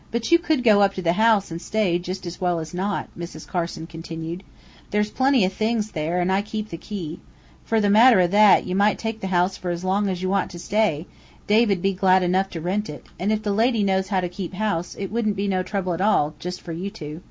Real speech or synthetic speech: real